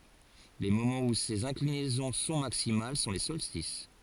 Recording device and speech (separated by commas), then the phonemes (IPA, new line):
forehead accelerometer, read sentence
le momɑ̃z u sez ɛ̃klinɛzɔ̃ sɔ̃ maksimal sɔ̃ le sɔlstis